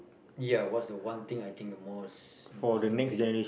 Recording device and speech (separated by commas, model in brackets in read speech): boundary microphone, conversation in the same room